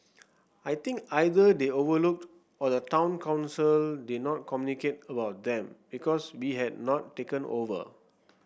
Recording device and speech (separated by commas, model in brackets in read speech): boundary microphone (BM630), read sentence